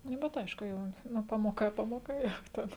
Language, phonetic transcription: Lithuanian, ˈnu bet ˈaišku ˈjau ˈnu ˈpamoˌka ˈpamoˌka ˈjau ˈten

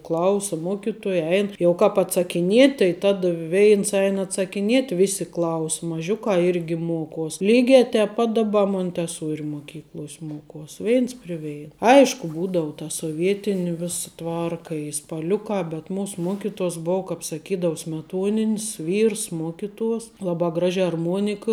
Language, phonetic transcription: Lithuanian, ˈklausa ˈmokitoja ˈein jau ˈkāp atsakiˈniet' tai ˈtada ˈveins ˈein atsakiˈniet' ˈvisi klaus maˈžiukā ˈirgi ˈmuokuos ˈlygiā tēp ˈpat daˈba monteˈsuori moˈkykluos' ˈmokuos' ˈveins pri ˈvein ˈaišku ˈbūdavu ta soˈvietini ˈvisa ˈtvarka i spaˈliukā bet ˈmūs ˈmuokituos ˈbou kap saˈkydavu smeˈtuonin's ˈvyrs ˈmuokituos ˈlabā ˈgražiā arˈmuonika

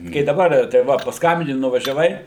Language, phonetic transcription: Lithuanian, kai daˈbar tai ˈva pasˈkambini nuvažiaˈvai

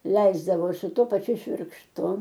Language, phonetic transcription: Lithuanian, ˈleisdavo su ˈtuo paˈčiu švirkšˈtu

